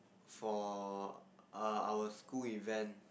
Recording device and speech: boundary microphone, conversation in the same room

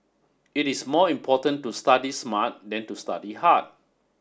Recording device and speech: standing microphone (AKG C214), read sentence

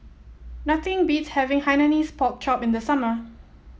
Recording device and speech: mobile phone (iPhone 7), read sentence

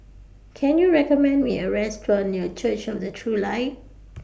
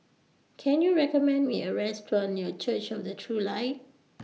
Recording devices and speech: boundary microphone (BM630), mobile phone (iPhone 6), read sentence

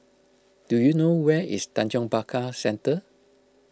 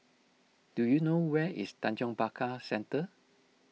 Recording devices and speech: close-talking microphone (WH20), mobile phone (iPhone 6), read sentence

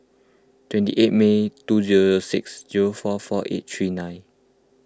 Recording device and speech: close-talking microphone (WH20), read sentence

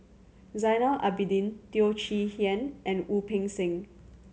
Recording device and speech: mobile phone (Samsung C7100), read sentence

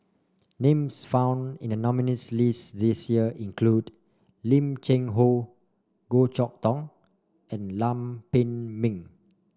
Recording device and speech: standing microphone (AKG C214), read sentence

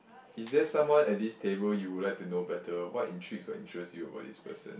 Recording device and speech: boundary microphone, conversation in the same room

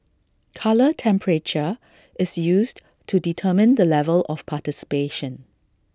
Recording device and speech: standing microphone (AKG C214), read sentence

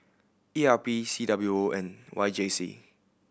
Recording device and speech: boundary microphone (BM630), read sentence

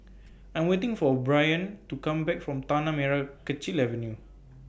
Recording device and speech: boundary microphone (BM630), read sentence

